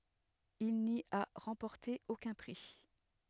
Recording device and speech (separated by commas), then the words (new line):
headset microphone, read sentence
Il n'y a remporté aucun prix.